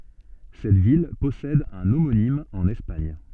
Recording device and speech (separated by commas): soft in-ear microphone, read sentence